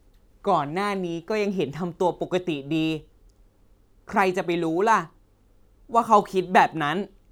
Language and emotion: Thai, frustrated